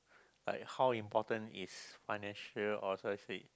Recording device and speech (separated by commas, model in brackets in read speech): close-talking microphone, conversation in the same room